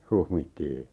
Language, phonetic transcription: Finnish, 'huhmittii .
- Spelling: huhmittiin

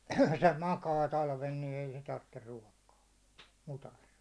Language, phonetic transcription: Finnish, se 'makaa 'talven ni ei se tartter 'ruåkaa , mutas .
- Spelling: se makaa talven niin ei se tarvitse ruokaa mudassa

